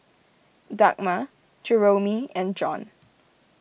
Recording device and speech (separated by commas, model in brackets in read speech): boundary microphone (BM630), read sentence